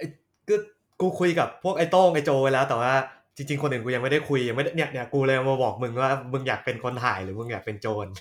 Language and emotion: Thai, neutral